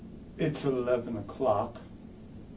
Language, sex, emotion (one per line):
English
male
sad